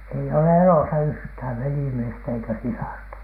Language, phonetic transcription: Finnish, ei ole "elosa 'yhthäv 'velimiestä eikä 'sisarta .
- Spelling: ei ole elossa yhtään velimiestä eikä sisarta

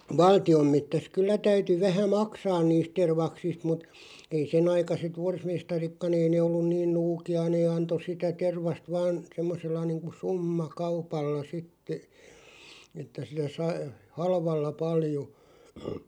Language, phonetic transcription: Finnish, valti₍om 'mettäs "kyllä 'täyty 'vähä "maksaan 'niist 'tervaksist mut , ei 'senaikaset "vorsmestarikka'n ‿ei nee ollun 'niin "nuuki₍a 'nee 'anto 'sitä 'tervast 'vaan , 'semmosella niiŋku 'summa"kaupalla 'sitte , että sillä 'sa(i) , "halvalla 'paljo .
- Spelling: valtion metsässä kyllä täytyi vähän maksaa niistä tervaksista mutta ei senaikaiset forsmestaritkaan ei ne ollut niin nuukia ne antoi sitä tervasta vain semmoisella niin kuin summakaupalla sitten että sillä sai halvalla paljon

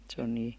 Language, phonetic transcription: Finnish, se on nii ,.
- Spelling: se on niin

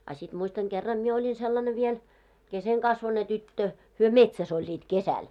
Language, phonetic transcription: Finnish, a sit muistaŋ 'ɢerram mie oĺin sellane viel , 'keseŋkasvone 'tyttö , hyö "metsäs ‿oĺĺiit 'kesäl .
- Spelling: a sitten muistan kerran minä olin sellainen vielä kesenkasvuinen tyttö he metsässä olivat kesällä

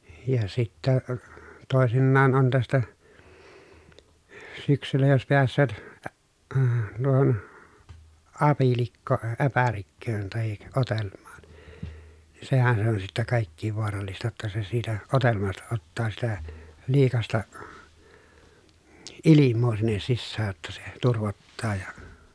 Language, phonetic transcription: Finnish, ja sittä , tòesinnaan on tästä , syksyllä jos peäs̆sööt , ä- , əə , tuohon , apilikkoo ʼäpärikköön tahik otelm̀aaN , ni sehän se on sittä kàikkiiv voarallista jotta se siitä , otelmasta ottaa sitä , liikasta , ilimmoo sinnes sissää [j]otta se , turvottaa ja ,.
- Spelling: ja sitten toisinaan on tästä syksyllä jos pääsevät - - tuohon apilikkoon äpärikköön tai odelmaan niin sehän se on sitten kaikkein vaarallista jotta se siitä odelmasta ottaa sitä liikaista ilmaa sinne sisään jotta se turvottaa ja

